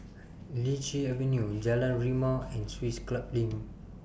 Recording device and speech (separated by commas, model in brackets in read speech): boundary microphone (BM630), read sentence